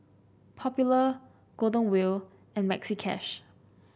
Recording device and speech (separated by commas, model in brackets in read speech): boundary microphone (BM630), read sentence